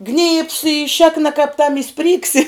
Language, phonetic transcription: Lithuanian, gnybs i ˈšėkna kap tam i ˈsprygsi

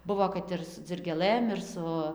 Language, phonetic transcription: Lithuanian, ˈbuvo kad ˈir su dzirgėˈlɘm ir ˈsu

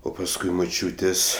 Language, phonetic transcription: Lithuanian, ˈo pasˈkui muˈčiūtės'

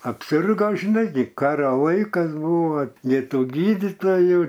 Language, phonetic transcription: Lithuanian, apˈsirga žiˈnai gi ˈkaro ˈlaikas ˈbūva ˈnei ˈtų ˈgydytojų

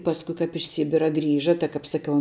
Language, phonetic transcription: Lithuanian, ˈpasku kap iš ˈsybira ˈgrįža tai kap saˈkiau

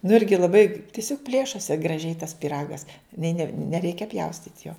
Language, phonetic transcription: Lithuanian, nu ˈirgi laˈbai tiˈsiog ˈplėšosi graˈžiai tas pyˈragas ni ne neˈreikia ˈpjaustyt' jo

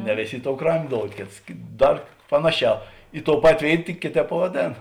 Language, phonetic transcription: Lithuanian, ne ˈvėˌsė ˈi ˌtou ˈkramė ˈdoud ˈkėts ˈdar ˈpanaˌšiā i tou ˈpatė ˈvėit tik ˈkėˌtēp pavaˈdėn

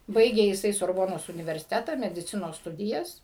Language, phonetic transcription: Lithuanian, ˈbaigė jiˈsai sorˈbonos universiˈteta mediˈcinos ˈstudijas

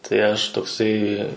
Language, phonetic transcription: Lithuanian, tai ˈaš toˈksai

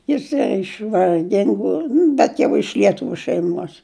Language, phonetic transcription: Lithuanian, jiˈsai iš varˈgingu nu bet ˈjau iš lieˈtuviu šeiˈmuos

